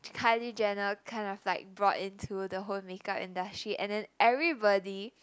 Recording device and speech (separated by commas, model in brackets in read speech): close-talking microphone, conversation in the same room